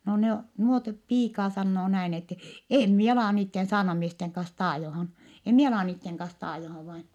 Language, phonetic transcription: Finnish, no ne o- , nuot , piikaa sannoo näin ‿ette , » em mie alà niitten saarnamiesteŋ kans taajohan , em mie alà niitteŋ kans taajohav vain . »
- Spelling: no ne - nuo piikaa sanoo näin että en minä ala niiden saarnamiesten kanssa taajomaan en minä ala niiden kanssa taajomaan vain

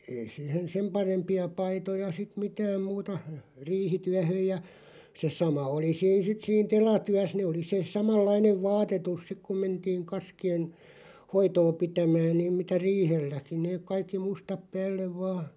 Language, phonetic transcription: Finnish, 'ei 'sìhen "sem 'parempi₍a 'paitoja sit "mitääm 'muuta , "riihityähöj ja , se 'sama oli 'siin sit siin "tela'tyäs nee oli 'se "samal̆"lainev 'vaatetus 'sik kum mentiiŋ 'kaski₍en̬ , "hoitoo 'pitämään niim 'mitä "riihelläki 'neeᵏ 'kaikki 'mustap "päällev 'vaa .
- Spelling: ei siihen sen parempia paitoja sitten mitään muuta riihityöhön ja se sama oli siinä sitten siinä telatyössä ne oli se samanlainen vaatetus sitten kun mentiin kaskien hoitoa pitämään niin mitä riihelläkin ne kaikki mustat päälle vain

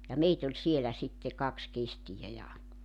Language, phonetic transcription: Finnish, ja 'meit ‿oĺ 'sielä sitte , 'kaks 'kestijä ja ,.
- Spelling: ja meitä oli siellä sitten kaksi kestiä ja

